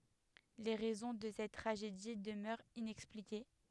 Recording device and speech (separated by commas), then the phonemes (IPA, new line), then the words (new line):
headset microphone, read sentence
le ʁɛzɔ̃ də sɛt tʁaʒedi dəmœʁt inɛksplike
Les raisons de cette tragédie demeurent inexpliquées.